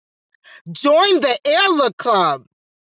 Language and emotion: English, surprised